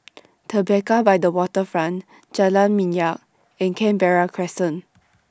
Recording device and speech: standing microphone (AKG C214), read sentence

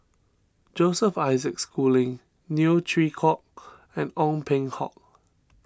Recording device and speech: standing microphone (AKG C214), read sentence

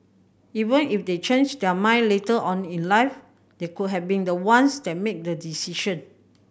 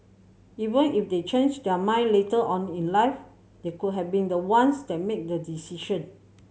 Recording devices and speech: boundary microphone (BM630), mobile phone (Samsung C7100), read sentence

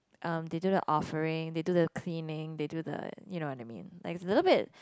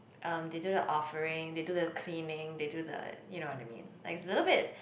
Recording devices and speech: close-talking microphone, boundary microphone, conversation in the same room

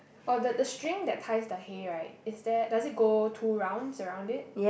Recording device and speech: boundary microphone, conversation in the same room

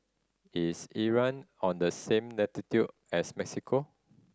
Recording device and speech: standing microphone (AKG C214), read sentence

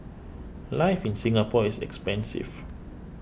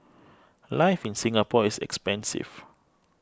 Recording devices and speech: boundary microphone (BM630), close-talking microphone (WH20), read sentence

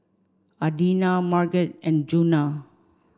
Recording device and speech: standing microphone (AKG C214), read sentence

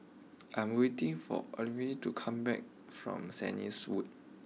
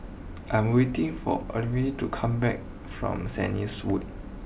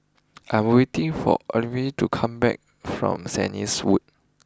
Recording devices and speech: mobile phone (iPhone 6), boundary microphone (BM630), close-talking microphone (WH20), read sentence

